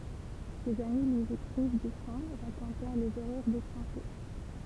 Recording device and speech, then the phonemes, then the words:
temple vibration pickup, read sentence
dez ami lyi ekʁiv dy fʁɔ̃ ʁakɔ̃tɑ̃ lez oʁœʁ de tʁɑ̃ʃe
Des amis lui écrivent du front, racontant les horreurs des tranchées.

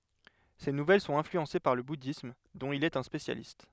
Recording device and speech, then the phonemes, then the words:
headset microphone, read sentence
se nuvɛl sɔ̃t ɛ̃flyɑ̃se paʁ lə budism dɔ̃t il ɛt œ̃ spesjalist
Ses nouvelles sont influencées par le bouddhisme, dont il est un spécialiste.

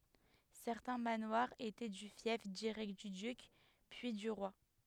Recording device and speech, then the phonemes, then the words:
headset microphone, read sentence
sɛʁtɛ̃ manwaʁz etɛ dy fjɛf diʁɛkt dy dyk pyi dy ʁwa
Certains manoirs étaient du fief direct du duc, puis du roi.

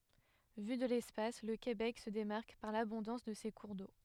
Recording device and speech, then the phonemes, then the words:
headset microphone, read sentence
vy də lɛspas lə kebɛk sə demaʁk paʁ labɔ̃dɑ̃s də se kuʁ do
Vu de l'espace, le Québec se démarque par l'abondance de ses cours d'eau.

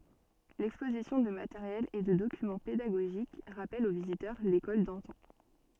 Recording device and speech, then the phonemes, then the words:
soft in-ear microphone, read sentence
lɛkspozisjɔ̃ də mateʁjɛl e də dokymɑ̃ pedaɡoʒik ʁapɛl o vizitœʁ lekɔl dɑ̃tɑ̃
L’exposition de matériel et de documents pédagogiques rappelle aux visiteurs l’école d’antan.

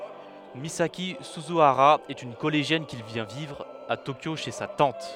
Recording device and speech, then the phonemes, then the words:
headset microphone, read sentence
mizaki syzyaʁa ɛt yn kɔleʒjɛn ki vjɛ̃ vivʁ a tokjo ʃe sa tɑ̃t
Misaki Suzuhara est une collégienne qui vient vivre à Tokyo chez sa tante.

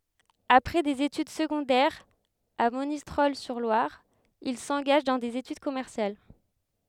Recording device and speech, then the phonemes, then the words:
headset microphone, read sentence
apʁɛ dez etyd səɡɔ̃dɛʁz a monistʁɔl syʁ lwaʁ il sɑ̃ɡaʒ dɑ̃ dez etyd kɔmɛʁsjal
Après des études secondaires à Monistrol-sur-Loire, il s'engage dans des études commerciales.

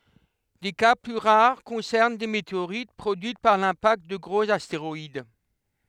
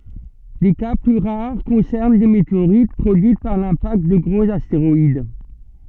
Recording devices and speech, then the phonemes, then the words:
headset microphone, soft in-ear microphone, read sentence
de ka ply ʁaʁ kɔ̃sɛʁn de meteoʁit pʁodyit paʁ lɛ̃pakt də ɡʁoz asteʁɔid
Des cas plus rares concernent des météorites produites par l'impact de gros astéroïdes.

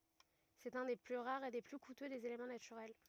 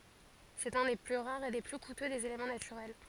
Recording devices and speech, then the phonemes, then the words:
rigid in-ear microphone, forehead accelerometer, read sentence
sɛt œ̃ de ply ʁaʁz e de ply kutø dez elemɑ̃ natyʁɛl
C'est un des plus rares et des plus coûteux des éléments naturels.

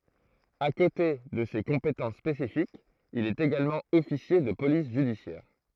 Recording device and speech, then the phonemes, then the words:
throat microphone, read sentence
a kote də se kɔ̃petɑ̃s spesifikz il ɛt eɡalmɑ̃ ɔfisje də polis ʒydisjɛʁ
À côté de ces compétences spécifiques, il est également officier de police judiciaire.

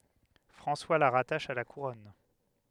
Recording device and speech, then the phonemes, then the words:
headset microphone, read sentence
fʁɑ̃swa la ʁataʃ a la kuʁɔn
François la rattache à la Couronne.

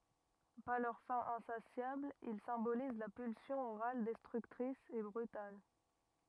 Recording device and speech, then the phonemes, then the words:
rigid in-ear microphone, read sentence
paʁ lœʁ fɛ̃ ɛ̃sasjabl il sɛ̃boliz la pylsjɔ̃ oʁal dɛstʁyktʁis e bʁytal
Par leur faim insatiable, ils symbolisent la pulsion orale destructrice et brutale.

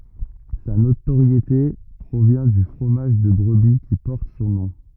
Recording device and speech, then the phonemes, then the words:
rigid in-ear microphone, read sentence
sa notoʁjete pʁovjɛ̃ dy fʁomaʒ də bʁəbi ki pɔʁt sɔ̃ nɔ̃
Sa notoriété provient du fromage de brebis qui porte son nom.

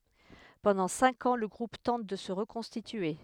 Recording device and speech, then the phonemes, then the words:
headset microphone, read sentence
pɑ̃dɑ̃ sɛ̃k ɑ̃ lə ɡʁup tɑ̃t də sə ʁəkɔ̃stitye
Pendant cinq ans, le groupe tente de se reconstituer.

